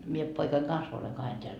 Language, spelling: Finnish, minä poikani kanssa olen kahden täällä
- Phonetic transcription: mie 'poikaiŋ "kans oleŋ 'kahen teäl .

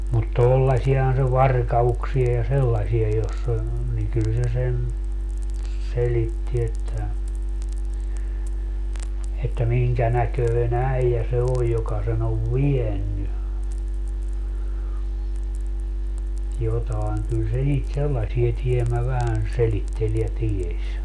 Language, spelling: Finnish, mutta tuollaisiahan se varkauksia ja sellaisia jossa oli niin kyllä se sen selitti että että minkä näköinen äijä se on joka sen on vienyt jotakin kyllä se niitä sellaisia tiemmä vähän selitteli ja tiesi
- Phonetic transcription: mut "tollasiahan se "varka₍uksia ja 'sellasia joss ‿ol , niŋ 'kyl se sen , 'selitti että , että 'miŋkä näköi"n ‿äijä se 'oj joka sen ‿ov "vienny , 'jotaeŋ kyl se niit "sellasie tiemä vähän 'selittel ja "tieś .

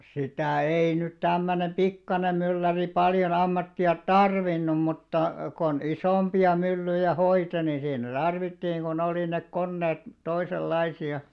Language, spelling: Finnish, sitä ei nyt tämmöinen pikkuinen mylläri paljon ammattia tarvinnut mutta kun isompia myllyjä hoiti niin siinä tarvittiin kun oli ne koneet toisenlaisia
- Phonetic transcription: 'sitä̀ 'ei nyt 'tämmönem "pikkanem̆ 'mylläri paljon 'ammatti₍a "tarvinnum mutta , kon 'isòmpi₍a 'myllyjä 'hoite ni siinä 'tarvittiiŋ ku'n ‿olì nek "konneet , 'toisel'laisi₍a .

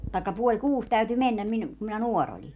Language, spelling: Finnish, tai puoli kuusi täytyi mennä minun kun minä nuori olin
- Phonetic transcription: taikka 'puoĺ "kuus täyty "mennäm 'minᵘ , kum minä "nuor ‿oĺi .

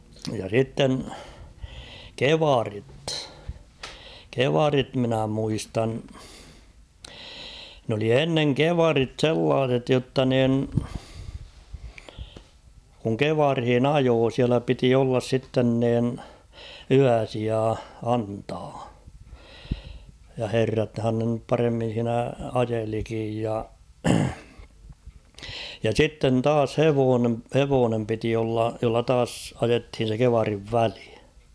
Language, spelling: Finnish, ja sitten kievarit kievarit minä muistan ne oli ennen kievarit sellaiset jotta niin kun kievaria ajoi siellä piti olla sitten niin yösija antaa ja herrathan ne nyt paremmin siinä ajelikin ja ja sitten taas hevonen hevonen piti olla jolla taas ajettiin se kievarin väli
- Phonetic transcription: ja 'sitten , "kevarit , "kevarit minä muistan ; n ‿oli 'enneŋ "kevarit 'sellaas̬et jotta niin , kuŋ 'kevarhin "ajoo siälä piti ollas 'sitten niin , "yäsia 'antaa , ja 'herrathan ne nyp 'paremmin̬ siinä "ajelikij ja , ja 'sitten 'taas "hevoone , "hevoonem piti olla , jolla 'taas 'ajethin̬ se 'kevariv "väli .

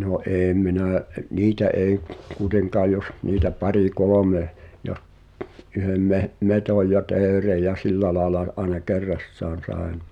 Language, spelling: Finnish, no en minä - niitä ei kuitenkaan jos niitä pari kolme ja yhden - metson ja teeren ja sillä lailla - aina kerrassaan sain
- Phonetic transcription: no '’eem̆ 'minä̀ ’e- "niitä ’èi , kuĭteŋkaaʲ jos , niitä 'pari "kolome , ja’ , yhem 'meh- , 'metòj ja 'teerej̆ ja "sillä laela l- , ’aena "kerrassaan̬ 'sàen .

